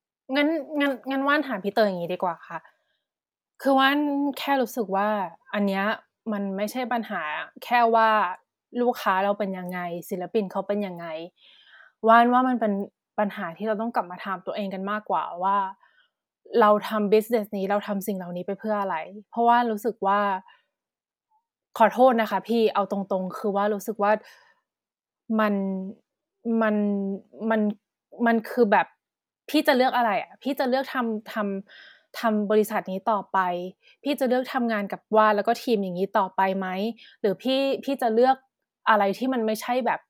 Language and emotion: Thai, frustrated